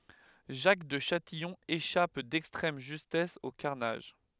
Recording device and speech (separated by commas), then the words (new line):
headset microphone, read sentence
Jacques de Châtillon échappe d'extrême justesse au carnage.